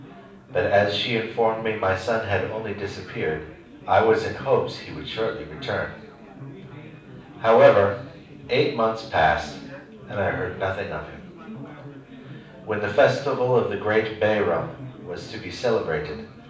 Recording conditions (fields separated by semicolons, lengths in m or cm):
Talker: one person; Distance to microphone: 5.8 m; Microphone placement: far; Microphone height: 1.8 m; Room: medium-sized (5.7 m by 4.0 m); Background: babble